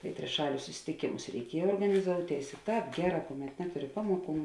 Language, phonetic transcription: Lithuanian, tai triˈšalius susitiˈkėmus reiˈkiej organiˈzouˌtėis i ˈtāp ˈgeˌrā kuˌmet ˈnetuˌri ˈpamoˌkų

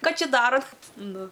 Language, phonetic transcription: Lithuanian, ˈką ˈčia ˈdarot ˈnu

